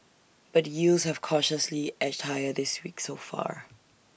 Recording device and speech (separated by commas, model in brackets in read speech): boundary microphone (BM630), read sentence